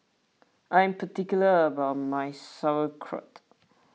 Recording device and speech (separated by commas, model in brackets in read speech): mobile phone (iPhone 6), read sentence